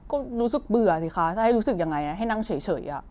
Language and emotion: Thai, frustrated